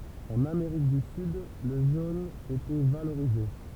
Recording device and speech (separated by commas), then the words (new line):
temple vibration pickup, read sentence
En Amérique du Sud, le jaune était valorisé.